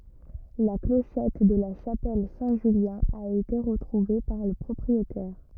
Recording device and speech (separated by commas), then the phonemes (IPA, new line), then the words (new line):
rigid in-ear microphone, read sentence
la kloʃɛt də la ʃapɛl sɛ̃ ʒyljɛ̃ a ete ʁətʁuve paʁ lə pʁɔpʁietɛʁ
La clochette de la chapelle Saint-Julien a été retrouvée par le propriétaire.